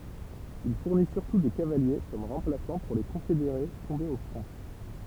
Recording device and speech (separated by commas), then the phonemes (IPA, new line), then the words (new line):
temple vibration pickup, read sentence
il fuʁni syʁtu de kavalje kɔm ʁɑ̃plasɑ̃ puʁ le kɔ̃fedeʁe tɔ̃bez o fʁɔ̃
Il fournit surtout des cavaliers comme remplaçants pour les confédérés tombés au front.